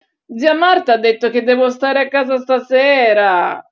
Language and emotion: Italian, disgusted